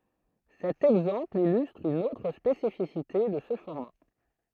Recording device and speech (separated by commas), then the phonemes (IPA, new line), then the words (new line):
throat microphone, read sentence
sɛt ɛɡzɑ̃pl ilystʁ yn otʁ spesifisite də sə fɔʁma
Cet exemple illustre une autre spécificité de ce format.